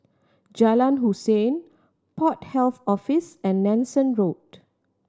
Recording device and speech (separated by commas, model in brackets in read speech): standing microphone (AKG C214), read sentence